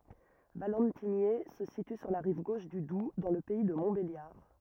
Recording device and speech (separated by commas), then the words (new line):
rigid in-ear microphone, read sentence
Valentigney se situe sur la rive gauche du Doubs dans le pays de Montbéliard.